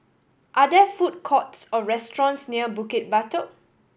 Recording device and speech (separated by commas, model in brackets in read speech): boundary microphone (BM630), read sentence